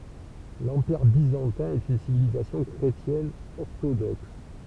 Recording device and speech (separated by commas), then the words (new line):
temple vibration pickup, read sentence
L'Empire Byzantin est une civilisation chrétienne orthodoxe.